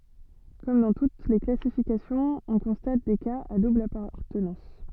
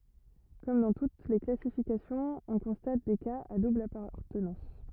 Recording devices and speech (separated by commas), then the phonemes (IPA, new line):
soft in-ear microphone, rigid in-ear microphone, read sentence
kɔm dɑ̃ tut le klasifikasjɔ̃z ɔ̃ kɔ̃stat de kaz a dubl apaʁtənɑ̃s